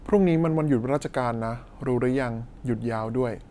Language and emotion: Thai, neutral